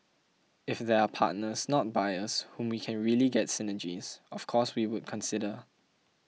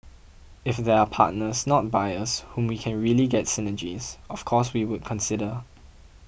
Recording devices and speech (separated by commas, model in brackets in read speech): mobile phone (iPhone 6), boundary microphone (BM630), read sentence